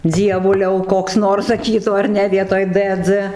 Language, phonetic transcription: Lithuanian, ˈdzievuliau ˈkoks ˈnors saˈkytų ar ˈne ˈvietoj d dz

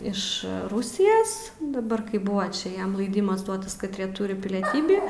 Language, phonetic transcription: Lithuanian, iš ˈrusijas daˈbar kai ˈbuva čia ˈjiem ˈlaidimas ˈduotas katˈrie ˈturi pilieˈtybį

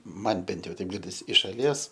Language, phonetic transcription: Lithuanian, ˈman ˈbent ˈjau ˈteip ˈgirdis iš šaˈlies

